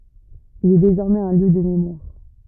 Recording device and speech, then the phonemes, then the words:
rigid in-ear microphone, read sentence
il ɛ dezɔʁmɛz œ̃ ljø də memwaʁ
Il est désormais un lieu de mémoire.

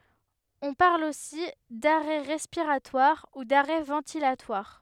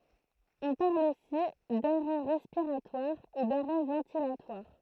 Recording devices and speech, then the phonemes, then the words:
headset microphone, throat microphone, read sentence
ɔ̃ paʁl osi daʁɛ ʁɛspiʁatwaʁ u daʁɛ vɑ̃tilatwaʁ
On parle aussi d'arrêt respiratoire ou d'arrêt ventilatoire.

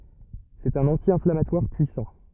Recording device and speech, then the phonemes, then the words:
rigid in-ear microphone, read sentence
sɛt œ̃n ɑ̃tjɛ̃flamatwaʁ pyisɑ̃
C'est un anti-inflammatoire puissant.

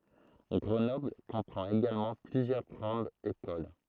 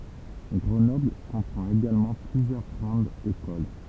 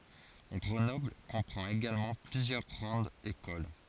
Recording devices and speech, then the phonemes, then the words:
throat microphone, temple vibration pickup, forehead accelerometer, read sentence
ɡʁənɔbl kɔ̃pʁɑ̃t eɡalmɑ̃ plyzjœʁ ɡʁɑ̃dz ekol
Grenoble comprend également plusieurs grandes écoles.

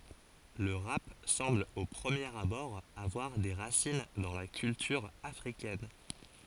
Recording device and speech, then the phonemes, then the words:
forehead accelerometer, read sentence
lə ʁap sɑ̃bl o pʁəmjeʁ abɔʁ avwaʁ de ʁasin dɑ̃ la kyltyʁ afʁikɛn
Le rap semble au premier abord avoir des racines dans la culture africaine.

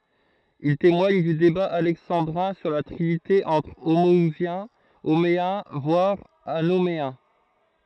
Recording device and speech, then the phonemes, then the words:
throat microphone, read sentence
il temwaɲ dy deba alɛksɑ̃dʁɛ̃ syʁ la tʁinite ɑ̃tʁ omɔuzjɛ̃ omeɛ̃ vwaʁ anomeɛ̃
Il témoigne du débat alexandrin sur la trinité entre homo-ousiens, homéens voire anoméens.

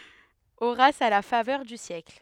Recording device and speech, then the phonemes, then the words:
headset microphone, read sentence
oʁas a la favœʁ dy sjɛkl
Horace a la faveur du siècle.

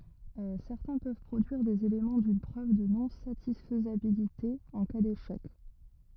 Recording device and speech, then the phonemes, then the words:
rigid in-ear microphone, read sentence
sɛʁtɛ̃ pøv pʁodyiʁ dez elemɑ̃ dyn pʁøv də nɔ̃satisfjabilite ɑ̃ ka deʃɛk
Certains peuvent produire des éléments d'une preuve de non-satisfiabilité en cas d'échec.

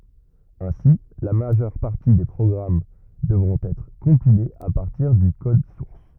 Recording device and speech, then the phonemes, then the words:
rigid in-ear microphone, read sentence
ɛ̃si la maʒœʁ paʁti de pʁɔɡʁam dəvʁɔ̃t ɛtʁ kɔ̃pilez a paʁtiʁ dy kɔd suʁs
Ainsi, la majeure partie des programmes devront être compilés à partir du code source.

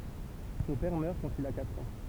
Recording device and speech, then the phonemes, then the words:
temple vibration pickup, read sentence
sɔ̃ pɛʁ mœʁ kɑ̃t il a katʁ ɑ̃
Son père meurt quand il a quatre ans.

